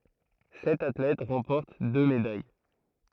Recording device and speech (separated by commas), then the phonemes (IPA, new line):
throat microphone, read sentence
sɛt atlɛt ʁɑ̃pɔʁt dø medaj